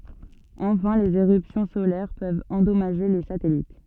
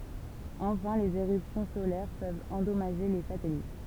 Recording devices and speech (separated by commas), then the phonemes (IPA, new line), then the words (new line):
soft in-ear microphone, temple vibration pickup, read sentence
ɑ̃fɛ̃ lez eʁypsjɔ̃ solɛʁ pøvt ɑ̃dɔmaʒe le satɛlit
Enfin les éruptions solaires peuvent endommager les satellites.